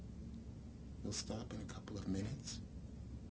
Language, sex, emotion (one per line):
English
male
neutral